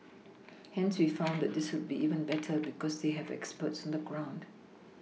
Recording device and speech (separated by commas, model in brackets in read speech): mobile phone (iPhone 6), read sentence